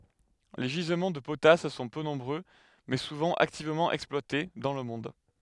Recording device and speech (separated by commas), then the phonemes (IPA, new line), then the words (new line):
headset microphone, read sentence
le ʒizmɑ̃ də potas sɔ̃ pø nɔ̃bʁø mɛ suvɑ̃ aktivmɑ̃ ɛksplwate dɑ̃ lə mɔ̃d
Les gisements de potasse sont peu nombreux, mais souvent activement exploités, dans le monde.